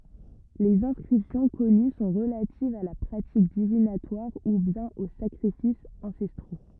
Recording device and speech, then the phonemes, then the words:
rigid in-ear microphone, read sentence
lez ɛ̃skʁipsjɔ̃ kɔny sɔ̃ ʁəlativz a la pʁatik divinatwaʁ u bjɛ̃n o sakʁifisz ɑ̃sɛstʁo
Les inscriptions connues sont relatives à la pratique divinatoire ou bien aux sacrifices ancestraux.

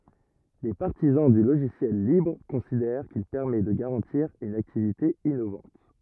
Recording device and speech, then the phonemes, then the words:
rigid in-ear microphone, read sentence
le paʁtizɑ̃ dy loʒisjɛl libʁ kɔ̃sidɛʁ kil pɛʁmɛ də ɡaʁɑ̃tiʁ yn aktivite inovɑ̃t
Les partisans du logiciel libre considèrent qu'il permet de garantir une activité innovante.

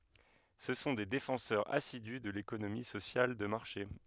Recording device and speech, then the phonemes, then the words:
headset microphone, read sentence
sə sɔ̃ de defɑ̃sœʁz asidy də lekonomi sosjal də maʁʃe
Ce sont des défenseurs assidus de l'économie sociale de marché.

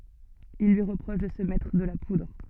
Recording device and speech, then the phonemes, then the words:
soft in-ear microphone, read sentence
il lyi ʁəpʁɔʃ də sə mɛtʁ də la pudʁ
Il lui reproche de se mettre de la poudre.

